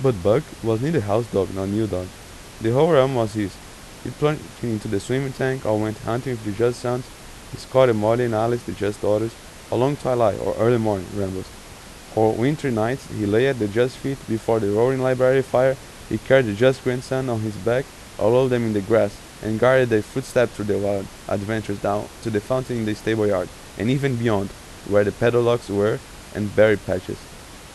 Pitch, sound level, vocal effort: 115 Hz, 86 dB SPL, normal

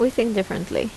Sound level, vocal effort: 78 dB SPL, normal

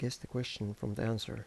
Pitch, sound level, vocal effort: 115 Hz, 78 dB SPL, soft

